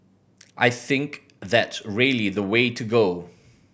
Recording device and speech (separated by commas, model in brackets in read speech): boundary microphone (BM630), read sentence